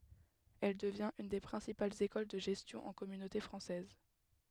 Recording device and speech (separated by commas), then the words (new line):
headset microphone, read sentence
Elle devient une des principales école de gestion en Communauté française.